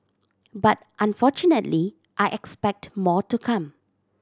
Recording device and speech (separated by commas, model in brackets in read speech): standing microphone (AKG C214), read sentence